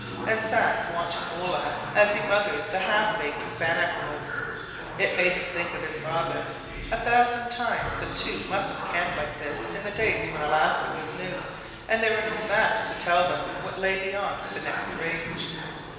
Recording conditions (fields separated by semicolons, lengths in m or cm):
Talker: one person; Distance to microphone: 1.7 m; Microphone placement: close; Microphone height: 1.0 m; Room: very reverberant, large; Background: television